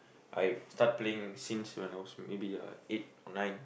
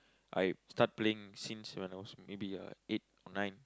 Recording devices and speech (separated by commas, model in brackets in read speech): boundary microphone, close-talking microphone, conversation in the same room